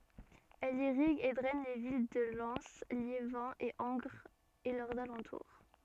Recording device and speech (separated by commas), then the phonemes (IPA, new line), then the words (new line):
soft in-ear microphone, read sentence
ɛl iʁiɡ e dʁɛn le vil də lɛn ljevɛ̃ e ɑ̃ɡʁz e lœʁz alɑ̃tuʁ
Elle irrigue et draine les villes de Lens, Liévin et Angres et leurs alentours.